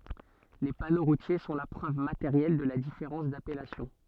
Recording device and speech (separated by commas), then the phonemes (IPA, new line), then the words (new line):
soft in-ear microphone, read sentence
le pano ʁutje sɔ̃ la pʁøv mateʁjɛl də la difeʁɑ̃s dapɛlasjɔ̃
Les panneaux routiers sont la preuve matérielle de la différence d'appellation.